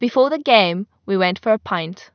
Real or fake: real